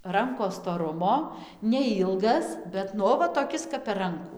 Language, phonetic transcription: Lithuanian, ˈrankos stoˈrumo neˈilgas ˈbet nu ˈo va toˈkis kap per ˈrankų

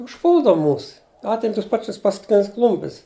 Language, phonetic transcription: Lithuanian, užˈpūldav ˈmūs ˈatim ˈtus ˈpačis paskuˈtinis ˈklumpis

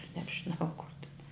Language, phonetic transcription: Lithuanian, nebžiˈnau kur tin

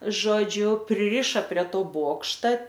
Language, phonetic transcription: Lithuanian, ˈžodžiu priˈriša prie ˈto ˈbokšta

